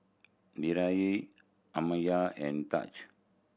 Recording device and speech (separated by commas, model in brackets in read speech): boundary microphone (BM630), read sentence